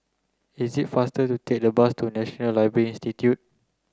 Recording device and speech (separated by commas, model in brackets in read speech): close-talking microphone (WH30), read sentence